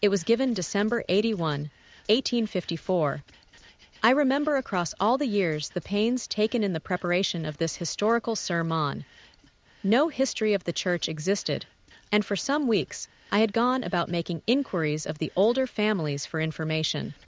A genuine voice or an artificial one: artificial